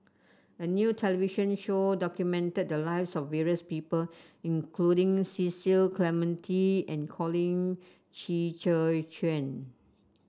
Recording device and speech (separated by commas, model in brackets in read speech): standing microphone (AKG C214), read sentence